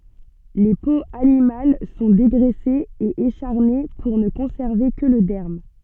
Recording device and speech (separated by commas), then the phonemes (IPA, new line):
soft in-ear microphone, read sentence
le poz animal sɔ̃ deɡʁɛsez e eʃaʁne puʁ nə kɔ̃sɛʁve kə lə dɛʁm